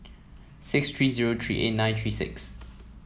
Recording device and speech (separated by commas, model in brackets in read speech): mobile phone (iPhone 7), read sentence